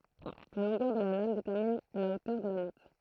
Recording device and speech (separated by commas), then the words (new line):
throat microphone, read sentence
La longueur de la lame détermine la hauteur de la note.